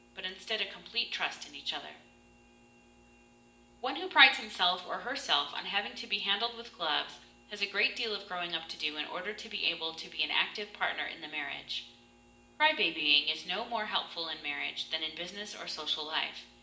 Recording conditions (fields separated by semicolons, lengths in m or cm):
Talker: one person; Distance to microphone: 1.8 m; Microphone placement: close; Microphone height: 1.0 m; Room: large; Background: none